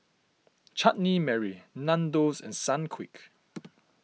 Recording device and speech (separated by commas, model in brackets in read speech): mobile phone (iPhone 6), read sentence